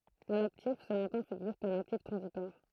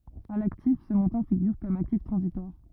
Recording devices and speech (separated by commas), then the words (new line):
throat microphone, rigid in-ear microphone, read sentence
À l'actif, ce montant figure comme actif transitoire.